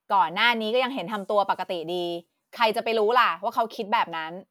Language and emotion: Thai, frustrated